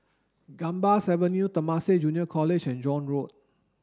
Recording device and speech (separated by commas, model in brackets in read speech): standing microphone (AKG C214), read sentence